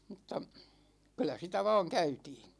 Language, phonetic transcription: Finnish, 'm̥tta , 'kyl̆lä sitä "va̭a̭ŋ 'käytiin̬ .
- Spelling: mutta kyllä sitä vain käytiin

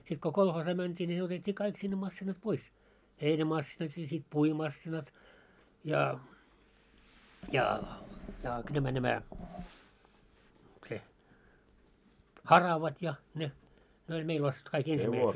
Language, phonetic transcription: Finnish, sit ko 'kolhoosaa mänt́ii ńi ne otet́t́ii 'kaik sinne massinat "pois , 'heinä'massinat ja sit 'puimassinat , ja , ja jà k- ‿nämä nämä , se , "haravat ja 'ne , ne oĺ 'meil ostettu kaik 'ensimäisee- ,.
- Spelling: sitten kun kolhoosiin mentiin niin ne otettiin kaikki sinne masiinat pois heinämasiinat ja sitten puimamasiinat ja ja ja - nämä nämä se haravat ja ne ne oli meillä ostettu kaikki -

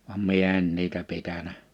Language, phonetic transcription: Finnish, vam 'mie en niitä 'pitänä .
- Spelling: vaan minä en niitä pitänyt

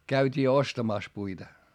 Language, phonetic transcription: Finnish, käyt́ii ostamàs puita .
- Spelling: käytiin ostamassa puita

